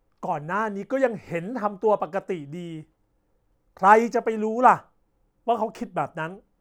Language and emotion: Thai, angry